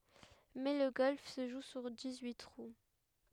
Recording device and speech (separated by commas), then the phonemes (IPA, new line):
headset microphone, read sentence
mɛ lə ɡɔlf sə ʒu syʁ dis yi tʁu